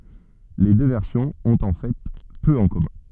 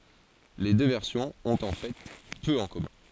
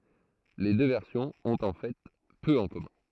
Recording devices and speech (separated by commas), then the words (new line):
soft in-ear microphone, forehead accelerometer, throat microphone, read sentence
Les deux versions ont en fait peu en commun.